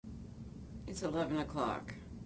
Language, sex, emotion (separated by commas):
English, female, neutral